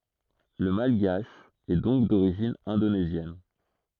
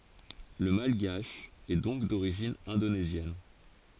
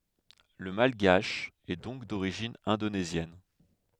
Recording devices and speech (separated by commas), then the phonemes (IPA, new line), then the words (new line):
throat microphone, forehead accelerometer, headset microphone, read sentence
lə malɡaʃ ɛ dɔ̃k doʁiʒin ɛ̃donezjɛn
Le malgache est donc d'origine indonésienne.